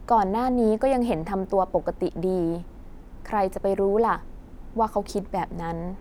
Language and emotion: Thai, neutral